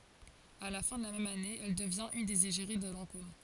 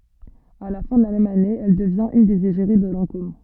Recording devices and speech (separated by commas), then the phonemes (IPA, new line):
forehead accelerometer, soft in-ear microphone, read sentence
a la fɛ̃ də la mɛm ane ɛl dəvjɛ̃t yn dez eʒeʁi də lɑ̃kom